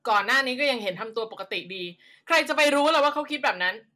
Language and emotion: Thai, angry